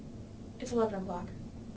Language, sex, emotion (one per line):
English
female
neutral